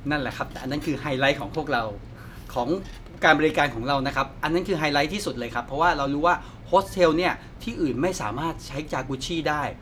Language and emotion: Thai, neutral